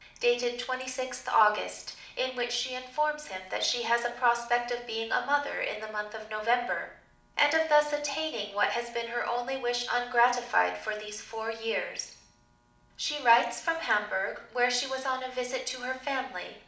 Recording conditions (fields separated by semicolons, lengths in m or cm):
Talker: one person; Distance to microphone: 2.0 m; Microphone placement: close; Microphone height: 99 cm; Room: medium-sized (5.7 m by 4.0 m); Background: none